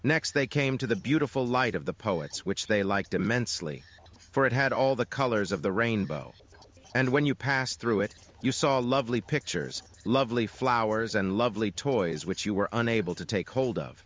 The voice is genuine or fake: fake